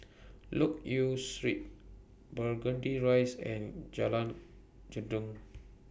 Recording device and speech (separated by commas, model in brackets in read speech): boundary microphone (BM630), read sentence